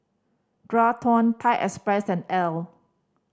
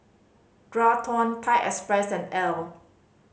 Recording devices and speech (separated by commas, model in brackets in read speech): standing microphone (AKG C214), mobile phone (Samsung C5010), read sentence